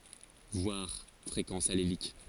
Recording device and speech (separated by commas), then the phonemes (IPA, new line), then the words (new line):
forehead accelerometer, read sentence
vwaʁ fʁekɑ̃s alelik
Voir fréquence allélique.